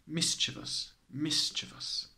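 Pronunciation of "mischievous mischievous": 'Mischievous' is pronounced correctly here.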